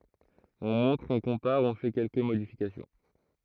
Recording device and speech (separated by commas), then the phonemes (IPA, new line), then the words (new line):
throat microphone, read sentence
ɔ̃ mɔ̃tʁ ɔ̃ kɔ̃paʁ ɔ̃ fɛ kɛlkə modifikasjɔ̃
On montre, on compare, on fait quelques modifications.